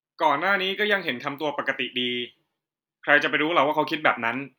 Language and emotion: Thai, neutral